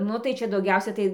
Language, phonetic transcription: Lithuanian, ˈnu tai ˈčia dauˈgiausia ˈtai

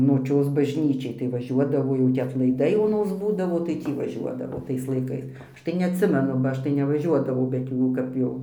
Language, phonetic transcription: Lithuanian, noˈčios bažˈnyčiai tai vaˈžiuodavo ˈjau tį atlaiˈdai oˈnos ˈbūdavo tai ˈtį vaˈžiuodavo ˈtais laiˈkais ˈaš tai neatˈsimenu ba ˈaš tai nevaˈžiuodavau bet ˈjų kap ˈjau

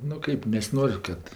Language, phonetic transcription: Lithuanian, nu ˈkaip nesiˈnor' ˈkad

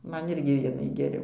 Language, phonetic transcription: Lithuanian, ˈman ˈirgi ˈvienai geˈriau

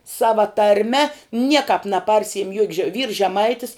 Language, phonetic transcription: Lithuanian, ˈsava tarˈme ˈniekap naˈparsiim juok' že vyrs žeˈmaitis

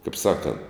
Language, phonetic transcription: Lithuanian, kaip ˈsakant

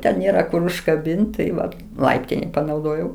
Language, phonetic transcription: Lithuanian, ˈten nėˈra kur užkaˈbint' tai ˈva ˈlaiptinei panauˈdojau

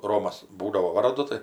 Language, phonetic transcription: Lithuanian, ˈromas ˈbūdavo ˈvardu ˈtai

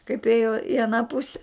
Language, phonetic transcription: Lithuanian, kaip ˈėjo i aˈną ˈpuse

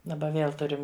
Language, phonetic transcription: Lithuanian, daˈba ˈvėl ˈturim

